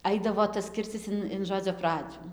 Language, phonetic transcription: Lithuanian, ˈaidavo tas ˈkircis in in ˈžodzio ˈpradžiu

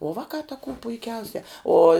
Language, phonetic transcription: Lithuanian, o ˈvakā ta kū puiˈkiausia ˈo

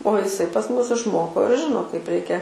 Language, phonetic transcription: Lithuanian, o iˈsai pas ˈmus išˈmoko ir ˈžino kaip ˈreikia

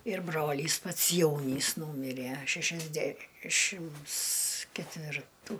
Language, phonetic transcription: Lithuanian, ir ˈbrolys pats ˈjaunys ˈnūmiræ šešiasˈdæšims ketvirˈtų

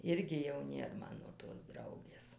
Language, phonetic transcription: Lithuanian, ˈirgi jau ˈnėr ˈmano tos ˈdraugės

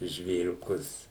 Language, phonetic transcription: Lithuanian, žvėriuˈkus

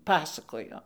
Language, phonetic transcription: Lithuanian, ˈpasakojo

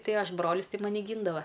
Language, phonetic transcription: Lithuanian, ˈtai ˈaš ˈbrolis ˈtai ˈmani ˈgyndava

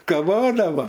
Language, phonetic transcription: Lithuanian, kaˈvodavo

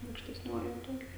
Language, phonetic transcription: Lithuanian, aukštesˈniojoj ˈtoj

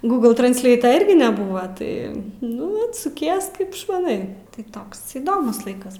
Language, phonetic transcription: Lithuanian, ˈgūgl transˈleito ˈirgi neˈbuvo ˈtai ˈnu ˈi suˈkies ˈkaip išmaˈnai tai ˈtoks įˈdomus ˈlaikas

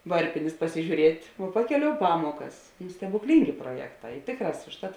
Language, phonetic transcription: Lithuanian, ˈvarpinės pasižiūˈriet' vo ˈpakeˌliou ˈpamuokas nu stebukˈlyngė pruoˈjekˌtā i ˈtėkˌrās užˈtat

